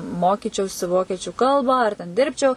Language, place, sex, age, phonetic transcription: Lithuanian, Suvalkija, female, 18-60, ˈmokyčiausi ˈvokiečiu ˈkalbą ar ten ˈdirbčiau

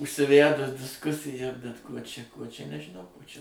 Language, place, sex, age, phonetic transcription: Lithuanian, Suvalkija, male, 60+, užsiˈvædus disˈkusija bet ˈkuo čia ˈkuo čia nežiˈnau ˈkuo čia

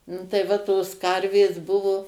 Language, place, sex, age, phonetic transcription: Lithuanian, Suvalkija, female, 60+, ˈnu tai ˈva tos ˈkarvės ˈbuvo

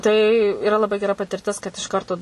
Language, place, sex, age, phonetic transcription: Lithuanian, Suvalkija, female, 18-60, tai iˈra laˈbai geˈra patirˈtis kad iš ˈkarto

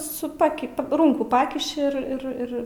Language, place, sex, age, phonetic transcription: Lithuanian, Aukštaitija, female, 18-60, su ˈpaki paˈrūnkų ˈpakiši ir ir ˈir

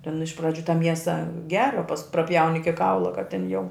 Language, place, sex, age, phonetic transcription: Lithuanian, Žemaitija, female, 60+, ten iš praˈdžių ta ˈmiesa ˈgera pas praˈpjauni iki ˈkaula kad ten jau

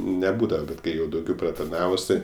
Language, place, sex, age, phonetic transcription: Lithuanian, Aukštaitija, male, 18-60, neˈbūdava ˈbet ˈkai jau dauˈgiau pratarˈnavus tai

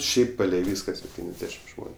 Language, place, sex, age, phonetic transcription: Lithuanian, Aukštaitija, male, 18-60, ˈšiaip ˈpalei ˈvyska sepˈtyniasˌdešim ˈžmoniu

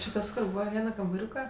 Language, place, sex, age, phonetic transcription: Lithuanian, Aukštaitija, female, 18-60, či ˈtas kur ˈbūva ˈviena kambaˈriūka

